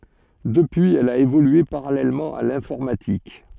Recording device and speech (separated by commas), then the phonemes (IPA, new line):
soft in-ear microphone, read sentence
dəpyiz ɛl a evolye paʁalɛlmɑ̃ a lɛ̃fɔʁmatik